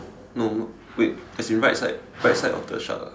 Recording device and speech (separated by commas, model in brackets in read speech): standing microphone, conversation in separate rooms